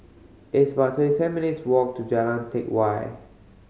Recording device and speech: mobile phone (Samsung C5010), read sentence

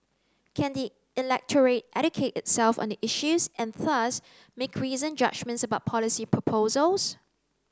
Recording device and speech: close-talking microphone (WH30), read sentence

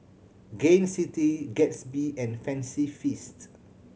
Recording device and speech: mobile phone (Samsung C7100), read sentence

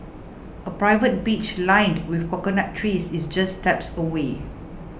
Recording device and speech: boundary microphone (BM630), read sentence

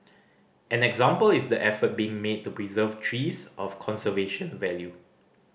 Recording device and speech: boundary microphone (BM630), read sentence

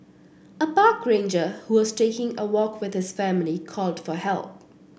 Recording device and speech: boundary microphone (BM630), read sentence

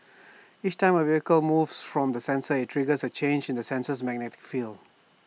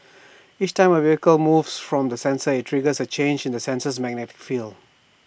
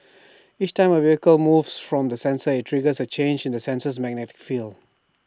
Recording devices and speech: mobile phone (iPhone 6), boundary microphone (BM630), standing microphone (AKG C214), read sentence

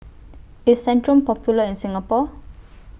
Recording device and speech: boundary microphone (BM630), read sentence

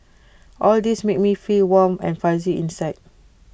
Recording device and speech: boundary microphone (BM630), read sentence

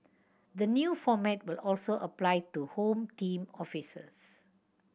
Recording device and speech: boundary microphone (BM630), read sentence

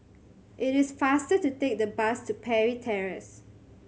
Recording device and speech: mobile phone (Samsung C7100), read sentence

